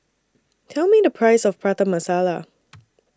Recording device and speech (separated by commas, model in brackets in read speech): standing microphone (AKG C214), read sentence